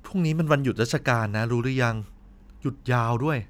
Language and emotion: Thai, neutral